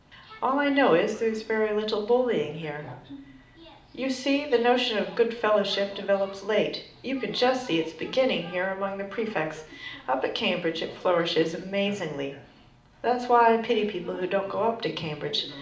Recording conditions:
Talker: one person; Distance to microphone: 2.0 m; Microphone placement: close; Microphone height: 99 cm; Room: medium-sized (5.7 m by 4.0 m); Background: television

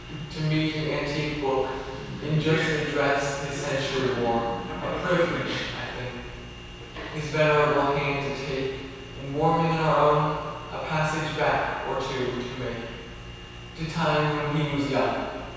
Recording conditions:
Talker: one person; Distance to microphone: 7.1 m; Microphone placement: far; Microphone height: 1.7 m; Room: very reverberant, large; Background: television

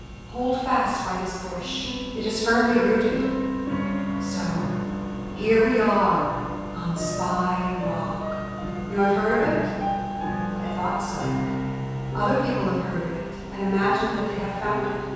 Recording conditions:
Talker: one person; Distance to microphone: 7.1 m; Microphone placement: far; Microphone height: 1.7 m; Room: very reverberant, large; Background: music

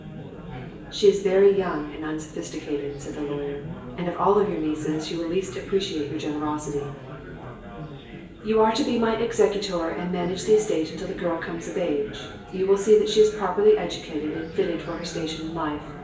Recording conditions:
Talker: one person; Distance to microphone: 1.8 m; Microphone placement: close; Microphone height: 1.0 m; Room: large; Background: babble

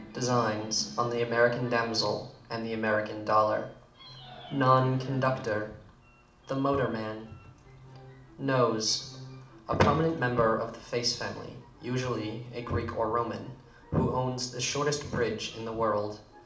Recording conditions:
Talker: one person; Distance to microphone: 2.0 m; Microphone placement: close; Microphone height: 99 cm; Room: medium-sized (5.7 m by 4.0 m); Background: television

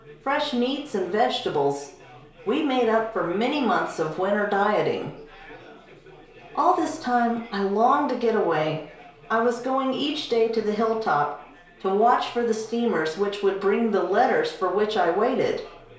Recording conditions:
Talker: one person; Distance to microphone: 1.0 m; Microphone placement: close; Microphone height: 1.1 m; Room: small (3.7 m by 2.7 m); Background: babble

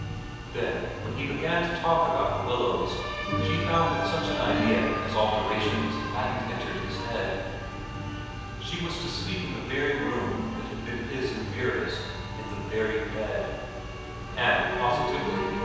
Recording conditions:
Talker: one person; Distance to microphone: 7.1 m; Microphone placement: far; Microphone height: 1.7 m; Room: very reverberant, large; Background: music

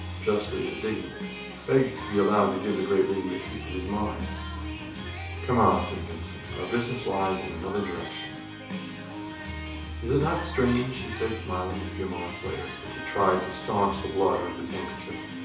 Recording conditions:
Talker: one person; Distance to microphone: 3.0 m; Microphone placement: far; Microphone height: 1.8 m; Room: small (3.7 m by 2.7 m); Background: music

